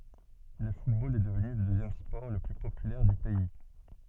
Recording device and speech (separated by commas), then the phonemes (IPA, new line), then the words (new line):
soft in-ear microphone, read sentence
lə futbol ɛ dəvny lə døzjɛm spɔʁ lə ply popylɛʁ dy pɛi
Le football est devenu le deuxième sport le plus populaire du pays.